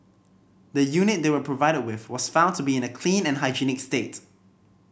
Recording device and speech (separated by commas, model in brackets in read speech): boundary microphone (BM630), read sentence